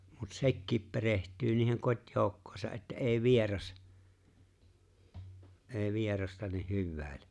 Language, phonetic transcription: Finnish, mut "se̬kkiip 'pereht̀yy niiheŋ 'kot̀jooukkòesa ’että ’e̬e̬ 'vieras , '’e̬e̬ 'vierasta nih 'hyvvä̀ele .
- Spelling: mutta sekin perehtyy niihin kotijoukkoihinsa että ei vieras ei vierasta niin hyväile

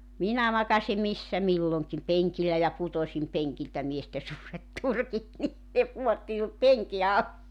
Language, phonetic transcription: Finnish, 'minä makasi "missä 'milloŋkim 'peŋkillä ja 'putosim 'peŋkiltä 'mieste suuret 'turkit ni , ne 'puotti minut "peŋki 'al- .
- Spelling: minä makasin missä milloinkin penkillä ja putosin penkiltä miesten suuret turkit niin ne pudotti minut penkin -

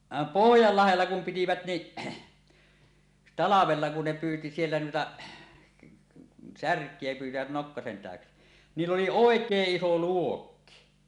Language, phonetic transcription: Finnish, 'vàem "Pohjallahella 'kum 'pitivät ni' , "talavella kun ne "pyyti 'siellä 'nuita , "särk̀ie 'pyytivät 'nokkasen 'tä̀öksi , 'niill ‿oli "òek̀eeˀ 'ˀiso "luokki .
- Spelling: vaan Pohjanlahdella kun pitivät niin talvella kun ne pyysi siellä niitä särkiä pyysivät nokkasen täyksi niillä oli oikein iso luokki

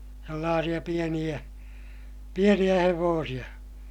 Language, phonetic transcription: Finnish, sellaasiʲa pieniʲä , pieniʲä hevoosiʲa .
- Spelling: sellaisia pieniä pieniä hevosia

